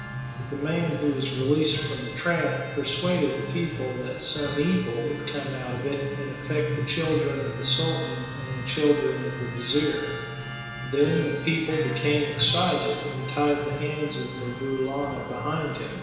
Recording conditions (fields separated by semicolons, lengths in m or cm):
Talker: one person; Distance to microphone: 1.7 m; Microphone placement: close; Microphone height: 1.0 m; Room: very reverberant, large; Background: music